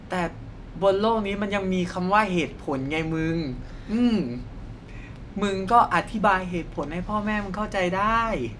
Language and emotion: Thai, neutral